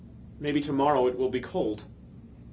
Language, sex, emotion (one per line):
English
male
neutral